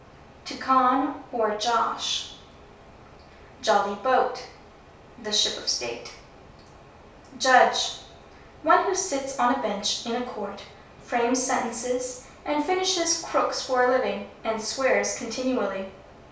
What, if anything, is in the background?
Nothing.